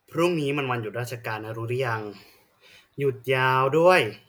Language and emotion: Thai, frustrated